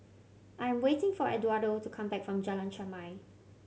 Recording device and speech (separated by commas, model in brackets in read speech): mobile phone (Samsung C7100), read sentence